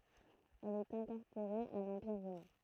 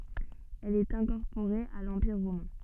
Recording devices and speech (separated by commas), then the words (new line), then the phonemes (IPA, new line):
throat microphone, soft in-ear microphone, read sentence
Elle est incorporée à l'Empire romain.
ɛl ɛt ɛ̃kɔʁpoʁe a lɑ̃piʁ ʁomɛ̃